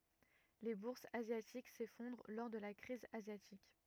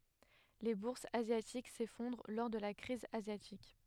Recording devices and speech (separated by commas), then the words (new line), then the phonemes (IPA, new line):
rigid in-ear microphone, headset microphone, read sentence
Les bourses asiatiques s'effondrent lors de la crise asiatique.
le buʁsz azjatik sefɔ̃dʁ lɔʁ də la kʁiz azjatik